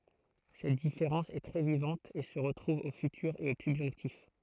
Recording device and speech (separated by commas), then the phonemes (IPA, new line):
throat microphone, read sentence
sɛt difeʁɑ̃s ɛ tʁɛ vivɑ̃t e sə ʁətʁuv o fytyʁ e o sybʒɔ̃ktif